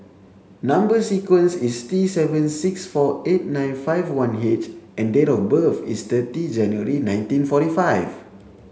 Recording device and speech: mobile phone (Samsung C7), read sentence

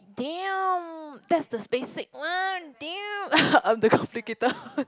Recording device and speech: close-talking microphone, conversation in the same room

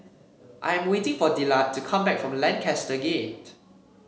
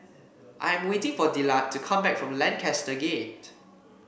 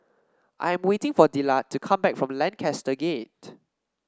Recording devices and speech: mobile phone (Samsung C7), boundary microphone (BM630), standing microphone (AKG C214), read sentence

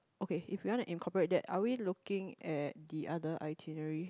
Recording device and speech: close-talking microphone, conversation in the same room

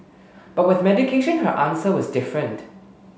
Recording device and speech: mobile phone (Samsung S8), read sentence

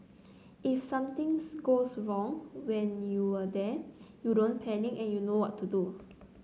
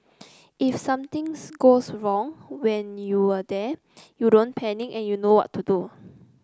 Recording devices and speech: mobile phone (Samsung C9), close-talking microphone (WH30), read sentence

